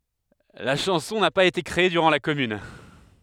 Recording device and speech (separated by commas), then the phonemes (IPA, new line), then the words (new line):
headset microphone, read sentence
la ʃɑ̃sɔ̃ na paz ete kʁee dyʁɑ̃ la kɔmyn
La chanson n'a pas été créée durant la Commune.